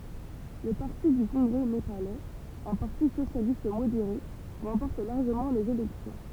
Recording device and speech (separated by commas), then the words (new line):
temple vibration pickup, read sentence
Le parti du congrès népalais, un parti socialiste modéré, remporte largement les élections.